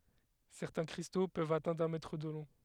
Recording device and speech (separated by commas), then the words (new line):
headset microphone, read sentence
Certains cristaux peuvent atteindre un mètre de long.